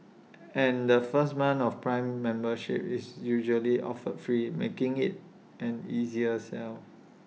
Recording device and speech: mobile phone (iPhone 6), read sentence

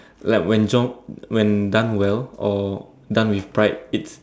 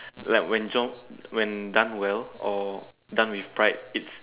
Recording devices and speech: standing microphone, telephone, conversation in separate rooms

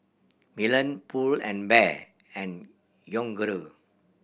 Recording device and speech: boundary microphone (BM630), read sentence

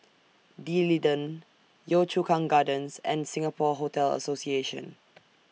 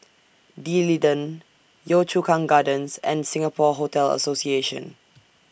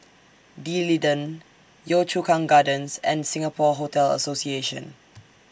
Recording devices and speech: mobile phone (iPhone 6), boundary microphone (BM630), standing microphone (AKG C214), read sentence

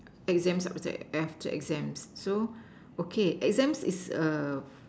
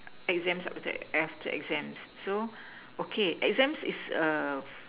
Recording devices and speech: standing microphone, telephone, conversation in separate rooms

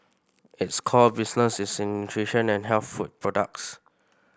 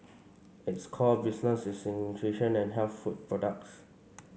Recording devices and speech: boundary microphone (BM630), mobile phone (Samsung C5), read sentence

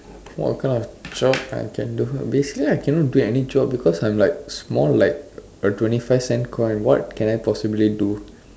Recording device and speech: standing microphone, conversation in separate rooms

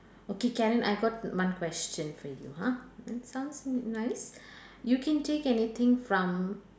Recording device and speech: standing microphone, conversation in separate rooms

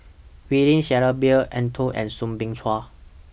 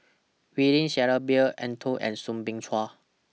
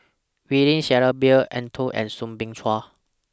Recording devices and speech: boundary microphone (BM630), mobile phone (iPhone 6), standing microphone (AKG C214), read sentence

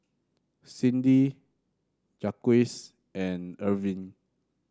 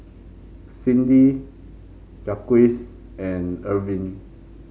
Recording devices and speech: standing microphone (AKG C214), mobile phone (Samsung C5), read sentence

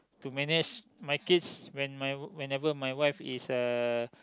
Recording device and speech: close-talking microphone, conversation in the same room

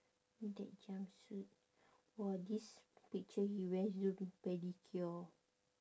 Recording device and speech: standing microphone, conversation in separate rooms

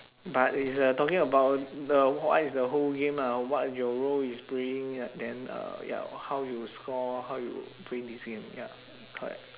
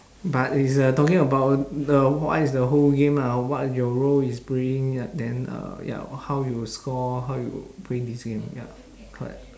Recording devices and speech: telephone, standing microphone, conversation in separate rooms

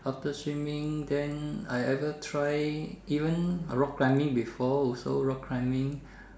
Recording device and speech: standing microphone, conversation in separate rooms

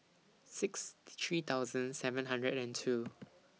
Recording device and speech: mobile phone (iPhone 6), read sentence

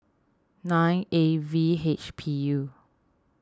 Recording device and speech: standing microphone (AKG C214), read sentence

